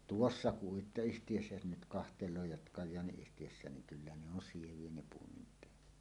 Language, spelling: Finnish, tuossa uittoyhtiössä jos nyt katselee ja Kajaani-yhtiössä niin kyllä ne on sieviä ne puomin päät
- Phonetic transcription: tuossa 'Uitto₍yhtiᴊössä jos nyt kahteìoo jat 'Kaj̆jaani₍yhtijössä̀en niŋ "kyllä ne ‿on 'siev̀ie ne puomim peät .

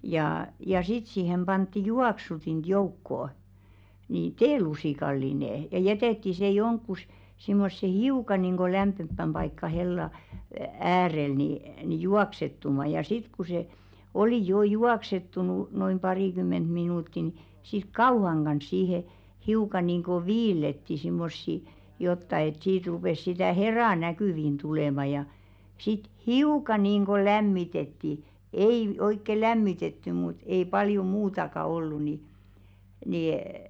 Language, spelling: Finnish, ja sitten siihen pantiin juoksutinta joukkoon niin teelusikallinen ja jätettiin se johonkin semmoiseen hiukan niin kuin lämpimämpään paikkaan hellan äärelle niin niin juoksettumaan ja sitten kun se oli jo juoksettunut noin parikymmentä minuuttia niin sitten kauhan kanssa siihen hiukan niin kuin viillettiin semmoisia jotakin että siitä rupesi sitä heraa näkyviin tulemaan ja sitten hiukan niin kuin lämmitettiin ei oikein lämmitetty mutta ei paljon muutakaan ollut niin -
- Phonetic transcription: ja 'sit sìhem ʙantti "juaksutint 'joukkò , ni "teelusìkallinè , ja 'jɛtètti se 'joŋkkus , simmosse "hiuka nìŋɢo 'lämppemppäm ʙaikka hella , 'äärel ni , ni "juaksettuma ja 'sit ku se , 'oli 'joo "juaksettunu , noim 'parìkymment minùtti ni , sit "kauhaŋ ɢans 'sihe , hiuka nìŋɢo "viilletti 'simmossi , 'jotta et 'siit rupès sitä̀ "hera "näkỳvin 'tulèma ja , sit "hiuka niinɢo "lämmitetti , 'ei 'oikke "lämmitetty mut ei 'paljo "muutaka ollu ni , ni₍ê .

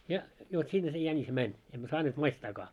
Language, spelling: Finnish, ja jo sinne se jänis meni emme saaneet maistaakaan
- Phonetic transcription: ja , jo 'sinne se jänis 'mäń , emmä 'saaneet 'maistaakaa .

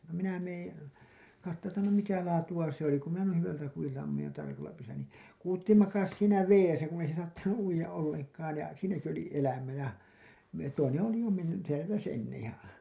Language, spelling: Finnish, no minä menen katsomaan että no mitä laatua se oli kun minä noin hyvältä kudilta ammuin ja tarkalla pyssyllä niin kuutti makasi siinä vedessä kun ei se saattanut uida ollenkaan ja siinäkin oli elämä ja - toinen oli jo mennyt
- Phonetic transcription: no minä meen̬ , kattoo ‿ttä no 'mitä 'laatu₍a 'se ‿oli ku minä 'nuin̬ 'hyvältä 'kujilta ammuj ja 'tarkalla 'pyssyllä nì , 'kuutti makas siinä "veesä kunn ‿ei se saattanu’ "’uija’ ’olleŋk̀aan§ ja , 'siinäki oli elämä ja , me- , toineḛ oli jo menny , .

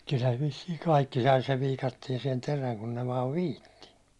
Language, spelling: Finnish, kyllähän ne vissiin kaikki sai sen viikatteeseen terän kun ne vain viitsi
- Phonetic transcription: kylhän (ne) vissiiŋ 'kaikki sai sev 'viikattiɛsiɛn 'teräŋ kun ne vaav "viitti .

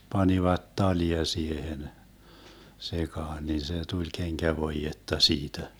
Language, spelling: Finnish, panivat talia siihen sekaan niin se tuli kenkävoidetta siitä
- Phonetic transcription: 'panivat "talia 'siehen , 'sekaan nin se 'tuĺ 'keŋkävoijetta 'siitä .

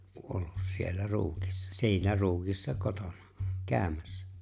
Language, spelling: Finnish, kuollut siellä Ruutissa siinä Ruudissa kotonaan käymässä
- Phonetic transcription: 'kuollus siellä 'Ruutissa , 'si̬inä 'Ruu(w)issa 'kotoǹaa , 'kääᵒ̈mässä .

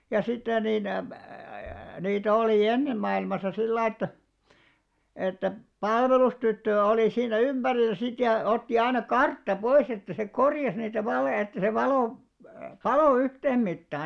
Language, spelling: Finnish, ja sitten niin - - niitä oli ennen maailmassa sillä lailla että että palvelustyttö oli siinä ympärillä sitten ja otti aina kartta pois että se korjasi niitä valoja että se valo paloi yhteen mittaan
- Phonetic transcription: ja sitten 'nin , ä+- ä+- 'niitä 'olì "ennem mailmasa 'sillaiʲ ‿että , että "palvelustyttö₍ä 'olì 'siinä "ymʙärilä sit ja , 'otti 'aina "kartta 'pois ‿että se "korjas niitä '(valòja) että se 'valò , "palò 'yhteemmittaa .

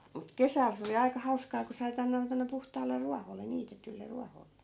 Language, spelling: Finnish, mutta kesällä se oli aika hauskaa kun sai panna ne tuonne puhtaalle ruoholle niitetylle ruoholle
- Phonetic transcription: mut "kesäl se oli 'aika 'hauskaa ko sai '(p)anna ne tonne 'puhtaal̆le 'ruahole 'niitetyl̆le 'ruahol̆le .

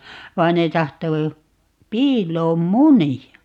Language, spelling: Finnish, vaan ne tahtoi piiloon munia
- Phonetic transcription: 'vain ne 'tahto , "piil̀oom "muni₍a .

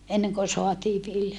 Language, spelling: Finnish, ennen kuin saatiin vilja
- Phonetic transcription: eneŋko soatii vilja .

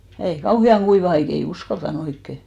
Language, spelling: Finnish, ei kauhean kuiva aika ei uskaltanut oikein
- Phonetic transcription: 'ei , 'kauhi₍aŋ "ɢuiva 'aik , 'ei "uskalta'n ‿oikke .

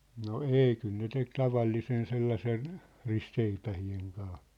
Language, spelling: Finnish, no ei kyllä ne teki tavallisen sellaisen ristiseipäiden kanssa
- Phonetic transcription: no "ei kyl ne 'tek 'tavallisen 'sellasen , 'ristseipähi₍eŋ kaa .

